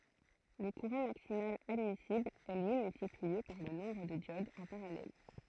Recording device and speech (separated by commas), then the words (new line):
throat microphone, read sentence
Le courant maximal admissible est lui multiplié par le nombre de diodes en parallèle.